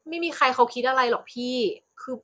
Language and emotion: Thai, frustrated